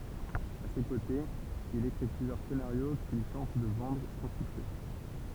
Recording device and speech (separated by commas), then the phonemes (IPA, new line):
temple vibration pickup, read sentence
a se kotez il ekʁi plyzjœʁ senaʁjo kil tɑ̃t də vɑ̃dʁ sɑ̃ syksɛ